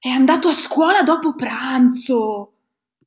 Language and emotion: Italian, surprised